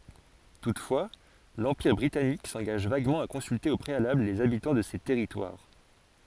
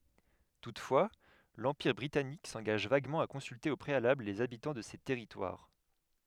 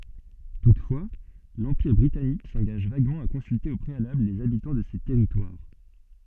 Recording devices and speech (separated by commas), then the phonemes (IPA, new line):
forehead accelerometer, headset microphone, soft in-ear microphone, read sentence
tutfwa lɑ̃piʁ bʁitanik sɑ̃ɡaʒ vaɡmɑ̃ a kɔ̃sylte o pʁealabl lez abitɑ̃ də se tɛʁitwaʁ